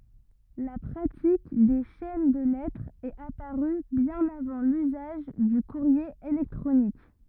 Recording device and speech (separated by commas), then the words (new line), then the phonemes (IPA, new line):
rigid in-ear microphone, read sentence
La pratique des chaînes de lettres est apparue bien avant l'usage du courrier électronique.
la pʁatik de ʃɛn də lɛtʁz ɛt apaʁy bjɛ̃n avɑ̃ lyzaʒ dy kuʁje elɛktʁonik